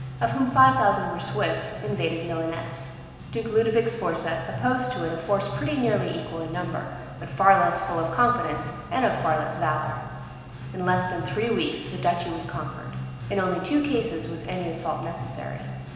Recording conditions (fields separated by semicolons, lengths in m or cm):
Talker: one person; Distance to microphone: 1.7 m; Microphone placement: close; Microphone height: 1.0 m; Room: very reverberant, large; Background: music